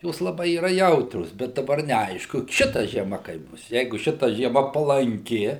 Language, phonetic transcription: Lithuanian, ˈjos laˈbai yˈra ˈjautrios bet daˈbar neˈaišku ˈšita žieˈma kaip ˈbus ˈjeigu ˈšita žieˈma palanˈki

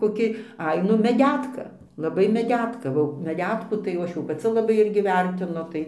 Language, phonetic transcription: Lithuanian, koˈki ˈai ˈnu meˈdætka laˈbai meˈdetka o meˈdetkų tai jau ˈaš jau paˈci laˈbai ˈirgi ˈvertinu ˈtai

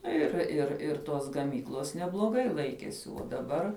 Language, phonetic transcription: Lithuanian, ˈnu ˈir ir ir tos gaˈmyklos nebloˈgai ˈlaikiesi uo daˈbar

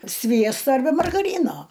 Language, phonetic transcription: Lithuanian, ˈsviesto arˈbe margaˈryno

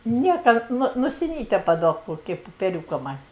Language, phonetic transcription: Lithuanian, ˈnieka ˈnu nusiˈnyte paˈduok ˈkoki pupeˈriūka man'

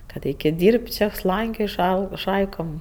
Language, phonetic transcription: Lithuanian, kad ˈaikėt' ˈdyrbt' ˈčia ˈslankioj ˈšai ˈšaikom

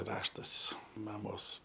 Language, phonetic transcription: Lithuanian, ˈraštas ˈmamos

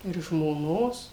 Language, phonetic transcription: Lithuanian, ir žmoˈnos

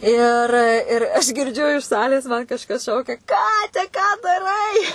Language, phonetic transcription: Lithuanian, ir ir ˈaš girˈdžiu iš ˈsalės man kažˈkas ˈšaukia ˈkate ką daˈrai

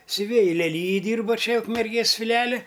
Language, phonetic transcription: Lithuanian, siuˈvėji leˈlyjij ˈdyrba ˈčia ukmerˈgės fiˈlijali

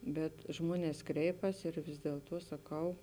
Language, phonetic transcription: Lithuanian, bet ˈžmuones ˈkreipas ir vis dielˈtuo saˈkau

